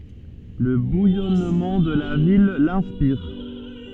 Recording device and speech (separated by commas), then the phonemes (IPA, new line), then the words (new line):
soft in-ear microphone, read sentence
lə bujɔnmɑ̃ də la vil lɛ̃spiʁ
Le bouillonnement de la ville l'inspire.